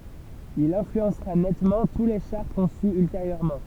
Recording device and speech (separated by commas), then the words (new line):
temple vibration pickup, read sentence
Il influencera nettement tous les chars conçus ultérieurement.